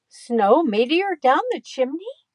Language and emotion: English, neutral